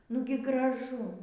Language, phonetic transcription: Lithuanian, ˈnugi graˈžu

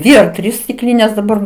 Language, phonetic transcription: Lithuanian, ˈdvi ar ˈtrys stiˈklynės daˈbar

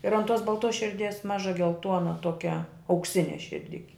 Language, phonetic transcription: Lithuanian, ir an ˈtuos balˈtos širˈdies ˈmaža gelˈtuona ˈtuokia aukˈsine širˈdiki

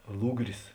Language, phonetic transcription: Lithuanian, ˈlugris

